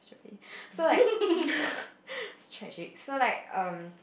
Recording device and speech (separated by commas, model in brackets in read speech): boundary microphone, conversation in the same room